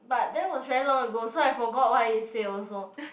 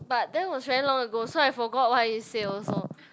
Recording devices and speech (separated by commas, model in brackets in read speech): boundary microphone, close-talking microphone, conversation in the same room